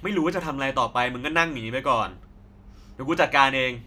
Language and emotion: Thai, angry